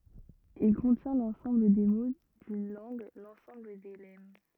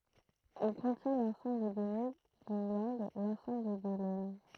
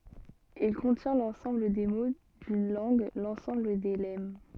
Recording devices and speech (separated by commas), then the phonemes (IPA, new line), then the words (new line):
rigid in-ear microphone, throat microphone, soft in-ear microphone, read sentence
il kɔ̃tjɛ̃ lɑ̃sɑ̃bl de mo dyn lɑ̃ɡ lɑ̃sɑ̃bl de lɛm
Il contient l’ensemble des mots d’une langue, l’ensemble des lemmes.